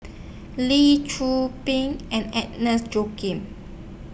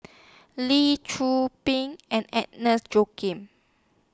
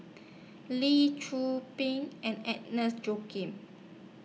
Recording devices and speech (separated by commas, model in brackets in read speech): boundary microphone (BM630), standing microphone (AKG C214), mobile phone (iPhone 6), read sentence